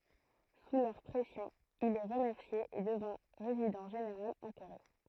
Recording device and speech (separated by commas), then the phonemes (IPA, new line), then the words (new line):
throat microphone, read sentence
su lœʁ pʁɛsjɔ̃ il ɛ ʁəmɛʁsje e dəvɛ̃ ʁezidɑ̃ ʒeneʁal ɑ̃ koʁe
Sous leur pression, il est remercié et devint Résident général en Corée.